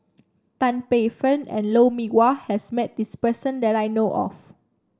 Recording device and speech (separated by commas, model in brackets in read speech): standing microphone (AKG C214), read sentence